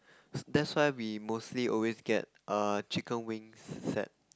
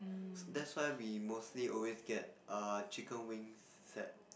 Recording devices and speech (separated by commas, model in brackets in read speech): close-talking microphone, boundary microphone, conversation in the same room